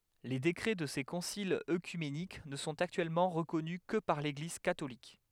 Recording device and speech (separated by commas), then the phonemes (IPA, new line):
headset microphone, read sentence
le dekʁɛ də se kɔ̃silz økymenik nə sɔ̃t aktyɛlmɑ̃ ʁəkɔny kə paʁ leɡliz katolik